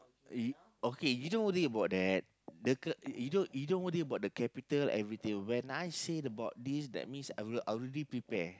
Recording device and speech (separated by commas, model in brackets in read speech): close-talking microphone, conversation in the same room